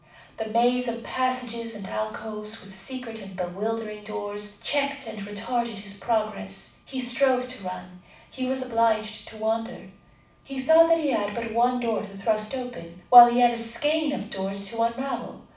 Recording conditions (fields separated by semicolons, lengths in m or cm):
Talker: one person; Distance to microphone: 5.8 m; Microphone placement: far; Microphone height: 1.8 m; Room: medium-sized (5.7 m by 4.0 m); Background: none